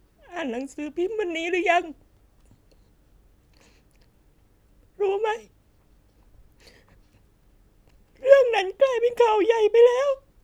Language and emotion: Thai, sad